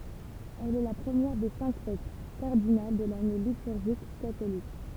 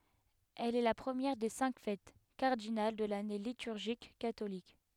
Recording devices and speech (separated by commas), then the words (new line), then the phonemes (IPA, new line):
temple vibration pickup, headset microphone, read sentence
Elle est la première des cinq fêtes cardinales de l'année liturgique catholique.
ɛl ɛ la pʁəmjɛʁ de sɛ̃k fɛt kaʁdinal də lane lityʁʒik katolik